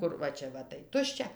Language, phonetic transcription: Lithuanian, ˈkur va ˈčia va tai ˈtuščia

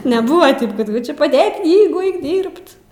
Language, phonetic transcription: Lithuanian, neˈbuva ˈtip kad ˈčia paˈdėk ˈknygu ˈaik ˈdyrbt

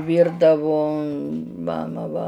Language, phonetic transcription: Lithuanian, ˈvyrdavo ˈmama va

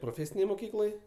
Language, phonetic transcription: Lithuanian, proˈfėsinėj moˈkykloj

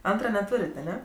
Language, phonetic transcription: Lithuanian, ˈantra neˈtūrėt' aˈne

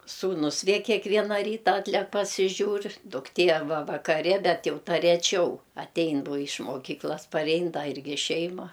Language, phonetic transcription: Lithuanian, ˈsūnus ˈvė keˈkviena ˈryta ˈatlek pasiˈžiūr dukˈtė arˈba vakaˈri ˈbet ˈjau ˈta reˈčiau atˈein ˈbo iš moˈkyklas parˈein da ˈirgi ˈšeima

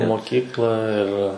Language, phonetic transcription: Lithuanian, moˈkyklą ir

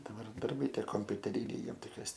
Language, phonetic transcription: Lithuanian, daˈbar darˈbai ˈtie kompiuteˈryniai ˈjiem ˈtai kas

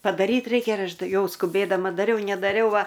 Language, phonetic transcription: Lithuanian, padaˈryt ˈreikia ir ˈaš ˈtai ˈjau skuˈbėdama daˈriau nedaˈriau ˈva

